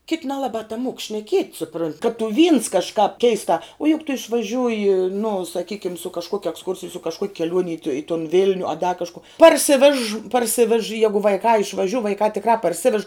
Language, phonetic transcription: Lithuanian, kit' nelaˈbā taˈmuok šneˈkiet' suˈprunt' kad tu vyns kažˈkāp ˈkeistā o juk tu išvaˈžiūji nu saˈkykim su kažˈkuok' eksˈkursij su kažˈkuok' keˈliuon' i tu tun ˈvil'niu a da kažˈku parˈsivež parˈsivež ˈjegu vaiˈkā išvaˈžiu vaiˈkā tikˈrā parˈsivež

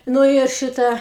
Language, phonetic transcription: Lithuanian, ˈnu ir ˈšitą

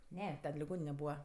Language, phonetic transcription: Lithuanian, ˈne ˈten liˈgonine ˈbūva

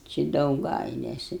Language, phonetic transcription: Lithuanian, čia dauˈgailesi

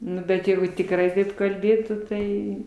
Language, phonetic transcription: Lithuanian, ˈnu bet ˈjeigu tikˈrai ˈtaip kalˈbėtų ˈtai

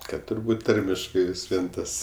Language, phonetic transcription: Lithuanian, ˈkad turˈbūt ˈtarmiškai vis ˈvien ˈtas

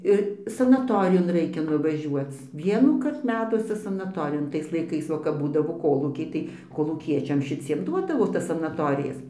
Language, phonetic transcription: Lithuanian, ir sanaˈtorijon ˈraikia nuvaˈžiuoc ˈvienųkart ˈmetuose sanaˈtorijon ˈtais laiˈkais ˈva kap ˈbūdavo ˈkolūkiai tai kolūˈkiečiam šiˈciem ˈduodavo ˈtas sanaˈtorijas

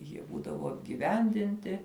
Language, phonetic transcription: Lithuanian, jie ˈbūdavu apgiˈvendinti

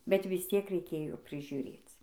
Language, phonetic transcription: Lithuanian, bet vis ˈtiek reiˈkėjo prižiuˈrėc

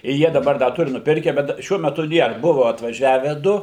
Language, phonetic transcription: Lithuanian, i ˈjie daˈbar da ˈturi nuˈpirke ˈbet daˈšiuo meˈtu ˈnėr ˈbuvo atvaˈžiave ˈdu

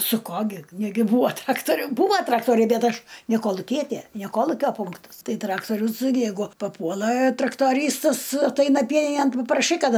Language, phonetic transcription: Lithuanian, su ˈko gi ˈnegi ˈbūo ˈtraktoriu ˈbūva ˈtraktoriai ˈbet ˈaš ne koluˈkietė ne ˈkolukio ˈpunktas ˈtai ˈtraktorius ˈjeigu paˈpuola traktoˈrystas atˈaina ˈpieninėn papraˈšai ˈkad

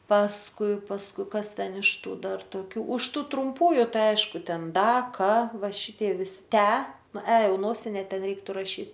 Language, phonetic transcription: Lithuanian, pasˈkui pasˈkui ˈkas ˈten iš ˈtų ˈdar toˈkių už ˈtu trumˈpųju ˈtai ˈaišku ˈten ˈda ˈka ˈva ˈšitie ˈvisi ˈtę ˈnu ę ˈjau ˈnosine ˈten ˈreiktu raˈšyt

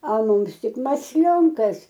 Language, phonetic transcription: Lithuanian, al ˈmums ˈtik masˈlionkas

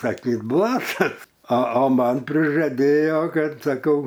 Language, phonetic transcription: Lithuanian, saˈkyt ˈblatas a a ˈman prižaˈdėjo ˈkad saˈkau

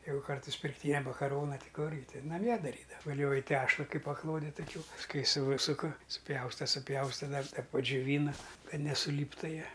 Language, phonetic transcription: Lithuanian, ˈjeigu ˈkartais pirkˈtynia makaˈrona ˈti ˈkurgi ˈtin naˈmie daˈryda vaˈlioji ˈtešla ˈkaip paˈklode taˈkių pasˈkui ˈsūsuka suˈpjausta suˈpjausta dar da padžiuˈvyna ˈkad nesuˈlyptu ˈjie

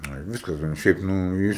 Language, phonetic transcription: Lithuanian, ˈnu ir ˈviskas ten ˈšiaip ˈnu ˈjis

